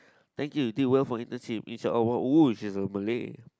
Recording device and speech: close-talking microphone, conversation in the same room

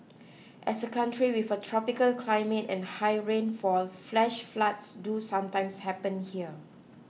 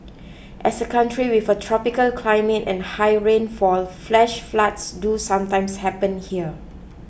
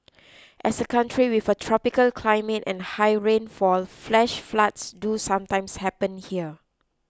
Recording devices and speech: mobile phone (iPhone 6), boundary microphone (BM630), close-talking microphone (WH20), read sentence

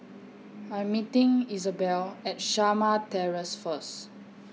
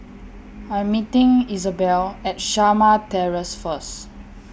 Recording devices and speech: mobile phone (iPhone 6), boundary microphone (BM630), read sentence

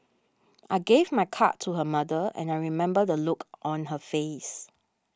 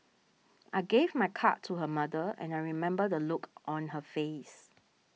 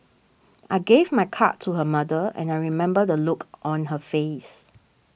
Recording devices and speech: standing microphone (AKG C214), mobile phone (iPhone 6), boundary microphone (BM630), read sentence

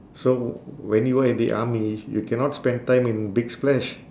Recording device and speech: standing microphone, conversation in separate rooms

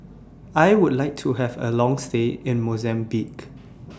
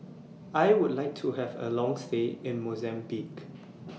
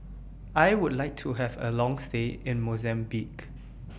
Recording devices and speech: standing microphone (AKG C214), mobile phone (iPhone 6), boundary microphone (BM630), read sentence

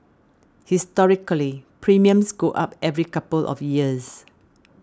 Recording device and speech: standing microphone (AKG C214), read sentence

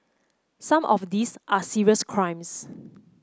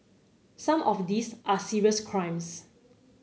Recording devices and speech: close-talking microphone (WH30), mobile phone (Samsung C9), read sentence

